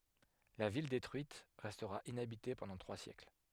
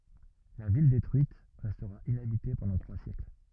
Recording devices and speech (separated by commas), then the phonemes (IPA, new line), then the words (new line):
headset microphone, rigid in-ear microphone, read sentence
la vil detʁyit ʁɛstʁa inabite pɑ̃dɑ̃ tʁwa sjɛkl
La ville détruite, restera inhabitée pendant trois siècles.